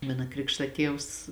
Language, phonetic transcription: Lithuanian, ˈmana ˈkrikšta ˈtievs

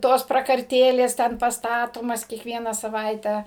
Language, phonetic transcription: Lithuanian, ˈtos prakarˈtėlės ˈten pastaˈtomas kiekˈviena saˈvaite

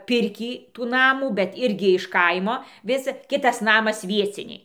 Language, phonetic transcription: Lithuanian, ˈpirkį tų ˈnamų bet ˈirgi iš ˈkaimo ˈvis ˈkitas ˈnamas ˈvieciniai

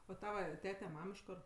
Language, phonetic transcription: Lithuanian, o ˈtava ˈtete ˈmam iš ˈkor

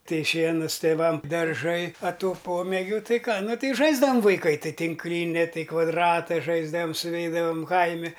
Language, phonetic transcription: Lithuanian, ˈtai ˈšienus tėˈvam darˈžai a ˈtų ˈpomėgiu ˈtai ˈką ˈnu ˈtai ˈžaisdavam vaiˈkai ˈtai tinkˈlini ˈtai kvadˈrata ˈžaisdavam suˈveidavam ˈkaimi

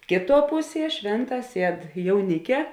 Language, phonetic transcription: Lithuanian, ˈkėˌtuo ˈpuˌsie ˈšvėnˌtā ˈsied jauˈnike

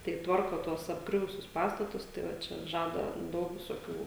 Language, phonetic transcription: Lithuanian, tai ˈtvarko ˈtuos apˈgriuvusius ˈpastatus tai ˈva ˈčia ˈžada ˈdaug visoˈkių

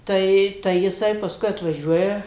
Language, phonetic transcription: Lithuanian, ˈtai tai jiˈsai pasˈkui atvaˈžiuoja

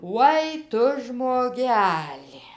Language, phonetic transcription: Lithuanian, ˈvoi ˈtu žmoˈgeli

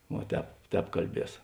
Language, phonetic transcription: Lithuanian, vuo ˈtēp ˈtēp kalˈbies

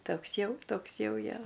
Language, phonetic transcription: Lithuanian, ˈtoks ˈjau ˈtoks ˈjau ˈjo

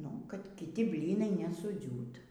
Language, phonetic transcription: Lithuanian, nu kad kiˈti ˈblynai nesuˈdziūt

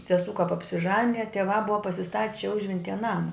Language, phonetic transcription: Lithuanian, seˈsū kap apsiˈžanija tieˈvā ˈbuva pasiˈstat' čia ˈužventyje ˈnama

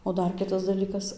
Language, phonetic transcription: Lithuanian, o ˈdar ˈkitas daˈlykas

